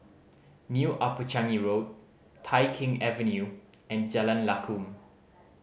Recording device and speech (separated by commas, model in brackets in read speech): mobile phone (Samsung C5010), read sentence